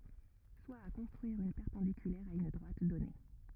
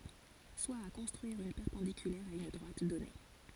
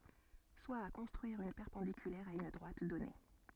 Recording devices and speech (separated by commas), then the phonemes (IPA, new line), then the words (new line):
rigid in-ear microphone, forehead accelerometer, soft in-ear microphone, read sentence
swa a kɔ̃stʁyiʁ yn pɛʁpɑ̃dikylɛʁ a yn dʁwat dɔne
Soit à construire une perpendiculaire à une droite donnée.